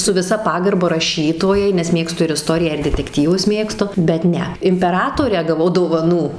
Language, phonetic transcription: Lithuanian, su viˈsa ˈpagarba raˈšytojai nes ˈmėgstu ir iˈstoriją ir detekˈtyvus ˈmėgstu bet ˈne impeˈratorę gaˈvau dovaˈnų

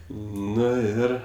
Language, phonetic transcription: Lithuanian, ˈnu ˈir

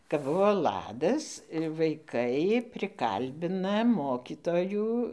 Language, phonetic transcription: Lithuanian, kap ˈbuvo ˈladas vaiˈkai priˈkalbina ˈmokytojų

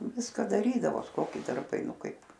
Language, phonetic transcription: Lithuanian, ˈviska daˈrydavos ˈkoki darˈbai ˈnu ˈkaip

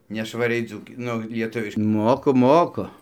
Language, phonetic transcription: Lithuanian, nešvaˈriai ˈdzūki ˈnu lieˈtuviš ˈmoku ˈmoku

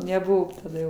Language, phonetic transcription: Lithuanian, neˈbuvo taˈda

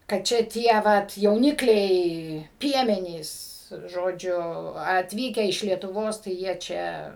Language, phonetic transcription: Lithuanian, kad ˈčia ˈtie ˈvat jauˈnikliai ˈpiemenys ˈžodžiu atˈvykę iš lietuˈvos tai ˈjie čia

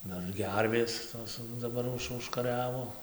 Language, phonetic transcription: Lithuanian, ˈdar ˈgervės tos daˈbar ˈuž užkaˈriavo

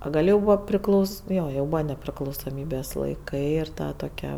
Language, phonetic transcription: Lithuanian, o ˈgal' jau ˈbūva priˈklau ˈno jau ˈbūva nepriklausoˈmybės laiˈkai ir ˈta toˈkia

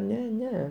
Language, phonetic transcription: Lithuanian, ˈne ˈne

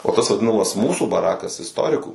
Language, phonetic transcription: Lithuanian, o ˈtas vaˈdinamas ˈmūsų baˈrakas isˈtorikų

